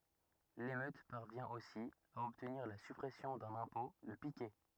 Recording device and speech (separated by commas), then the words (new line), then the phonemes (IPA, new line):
rigid in-ear microphone, read sentence
L’émeute parvient aussi à obtenir la suppression d’un impôt, le piquet.
lemøt paʁvjɛ̃ osi a ɔbtniʁ la sypʁɛsjɔ̃ dœ̃n ɛ̃pɔ̃ lə pikɛ